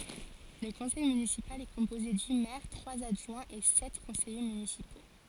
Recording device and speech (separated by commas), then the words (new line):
forehead accelerometer, read sentence
Le conseil municipal est composé du maire, trois adjoints et sept conseillers municipaux.